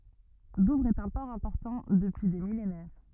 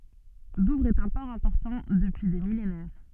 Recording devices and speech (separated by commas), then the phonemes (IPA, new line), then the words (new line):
rigid in-ear microphone, soft in-ear microphone, read sentence
duvʁz ɛt œ̃ pɔʁ ɛ̃pɔʁtɑ̃ dəpyi de milenɛʁ
Douvres est un port important depuis des millénaires.